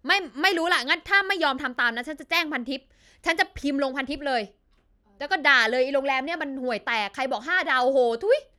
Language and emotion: Thai, angry